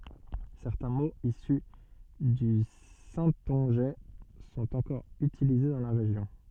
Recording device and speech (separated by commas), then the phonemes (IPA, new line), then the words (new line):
soft in-ear microphone, read sentence
sɛʁtɛ̃ moz isy dy sɛ̃tɔ̃ʒɛ sɔ̃t ɑ̃kɔʁ ytilize dɑ̃ la ʁeʒjɔ̃
Certains mots issus du saintongeais sont encore utilisés dans la région.